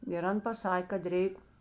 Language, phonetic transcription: Lithuanian, ir ˈan paˈsak' kad ˈreik

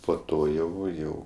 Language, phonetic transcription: Lithuanian, po ˈto ˈjau ˈjau

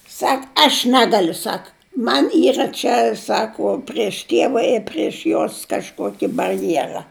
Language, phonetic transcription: Lithuanian, ˈsak aš ˈnegaliu ˈsak ˈman' ˈyra čia ˈsako prieš ˈtieva ir prieš ˈjos kažˈkuoki barˈjėra

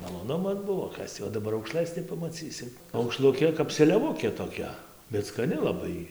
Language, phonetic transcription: Lithuanian, maloˈnumas ˈbuvo ˈkas tį o daˈbar aukˈšlɘs nepamaˈcysi aukˈšlukė kap seliaˈvukė toˈkia bet skaˈni laˈbai jy

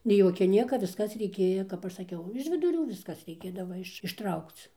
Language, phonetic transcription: Lithuanian, nei ˈjokia ˈnieka visˈkas reiˈkėja kap ˈaš saˈkiau iž viduˈrių ˈviskas reiˈkėdava iš išˈtraukc

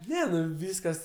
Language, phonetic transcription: Lithuanian, ˈne ˈnu ˈvyskas

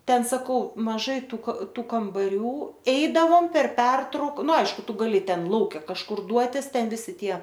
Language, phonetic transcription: Lithuanian, ˈten saˈkau maˈžai ˈtų ka ˈtų kambaˈrių ˈeidavom per ˈpertrauk ˈnu ˈaišku ˈtu gaˈli ˈten ˈlauke kažˈkur ˈduotis ˈten ˈvisi ˈtie

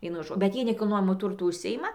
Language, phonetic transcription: Lithuanian, ˈvienu ˈžo bet ˈjie nekilˈnojamu ˈturtu užˈsijima

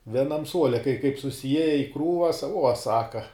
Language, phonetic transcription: Lithuanian, vieˈnam ˈsuole kai kaip susiˈjieja i ˈkrūvas uo ˈsaka

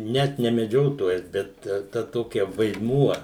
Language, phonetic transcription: Lithuanian, ˈnet ne meˈdžiotojas bet ˈta ˈtokia vaidˈmuo

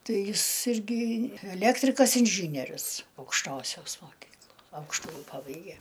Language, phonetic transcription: Lithuanian, ˈtai ˈjis ˈirgi eˈlektrikas inˈžynierius aukšˈtosios moˈkyklo ˈaukštuji ˈpabaige

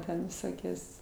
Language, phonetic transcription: Lithuanian, ˈten viˈsokios

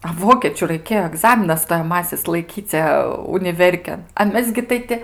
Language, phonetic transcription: Lithuanian, a ˈvokėčiu raiˈkėjo aˈgzaminas stojaˈmasis laiˈkyce uniˈverkėn a ˈmes gi ˈtai ti

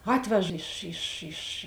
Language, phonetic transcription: Lithuanian, ˈatvež iš iš iš

